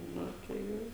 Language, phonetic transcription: Lithuanian, ˈnu tai ˈjau

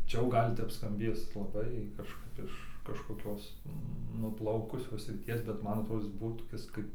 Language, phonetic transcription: Lithuanian, ˈčia jau ˈgal' ˈtep skamˈbės laˈbai kažˈkap iš kažkoˈkios nuˈplaukusios sriˈties bet ˈman atˈrodo ˈis ˈbuo toˈkis kaip

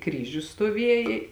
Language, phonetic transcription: Lithuanian, ˈkryžius stoˈvieja

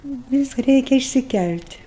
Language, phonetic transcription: Lithuanian, ˈvis ˈreikia išsiˈkæl't'

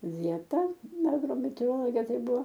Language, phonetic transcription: Lithuanian, ˈvieta agrometeoroˈloge ˈtai ˈbuvo

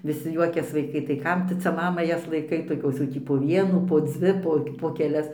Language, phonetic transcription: Lithuanian, viˈsi ˈjuokias vaiˈkai tai ˈkam tu ˈcia ˈmama ˈjas laiˈkai toˈkios jau ˈtį po ˈvienų po ˈdzvi po po keˈlias po keˈlias

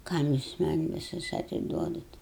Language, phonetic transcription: Lithuanian, ˈkam jus man' viˈsus atiˈduodat

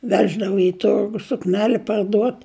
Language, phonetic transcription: Lithuanian, ˈveždavo i ˈturgu sukˈneli parˈduot

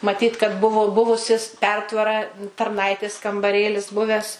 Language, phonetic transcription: Lithuanian, maˈtyt kad ˈbuvu ˈbuvusis ˈpertvara tarˈnaitės kambaˈrėlis ˈbuvęs

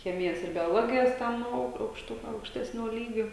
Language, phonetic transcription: Lithuanian, ˈchemijas ir bioˈlogijas ˈten au aukšˈtu aukšˈtesnio ˈlygio

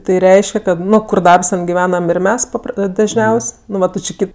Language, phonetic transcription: Lithuanian, ˈtai ˈreiške kad ˈnu ˈkur ˈdarbs ˈten giˈvenam ir ˈmes paˈpr dažˈniaus' nu ˈva ˈtu či ˈkaip

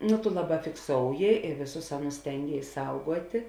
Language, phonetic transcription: Lithuanian, nu tu ˈlaˌbā fikˈsouji i ˈvėˌsus ˈaˌnus ˈstengėis ˈsauguotė

